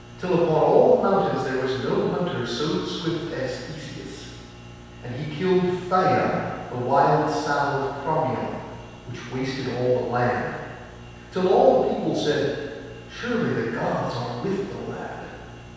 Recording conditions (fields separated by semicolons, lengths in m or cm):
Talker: one person; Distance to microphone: 7.1 m; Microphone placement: far; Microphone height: 1.7 m; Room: very reverberant, large; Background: none